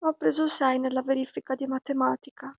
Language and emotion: Italian, sad